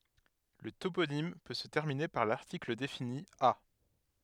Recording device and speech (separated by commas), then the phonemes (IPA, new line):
headset microphone, read sentence
lə toponim pø sə tɛʁmine paʁ laʁtikl defini a